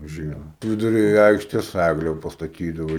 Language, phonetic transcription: Lithuanian, ˈžiemą viduˈry ˈaikštės ˈægle pastaˈtydavo

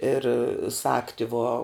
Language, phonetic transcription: Lithuanian, ir ˈsagti vo

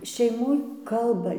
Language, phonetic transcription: Lithuanian, šeiˈmoj ˈkalba

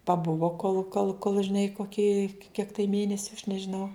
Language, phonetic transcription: Lithuanian, paˈbuvo kol kol kol žiˈnai koˈkį kiek tai ˈmėnesiu aš nežiˈnau

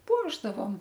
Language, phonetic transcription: Lithuanian, ˈpuošdavom

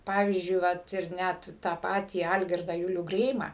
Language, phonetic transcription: Lithuanian, ˈpavyzdžiui ˈvat ir ˈnæt tą ˈpatį ˈalgirdą ˈjulių ˈgreimą

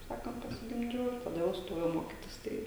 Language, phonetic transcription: Lithuanian, kaip ˈsakant pasigimˈdžiau taˈda jau ˈstojau ˈmokitis ˈtai

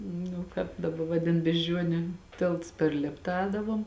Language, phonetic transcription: Lithuanian, nu ˈkāp daˈba ˈvadin bežˈdžiuoniu ˈtėlts per ˈlėpta ˈēdavom

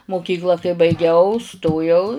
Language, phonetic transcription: Lithuanian, moˈkykla kai baiˈgiau ˈstojau

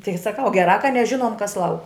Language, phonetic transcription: Lithuanian, ˈtigi saˈkau geˈrā ka neˈžinuom kas ˈlauk

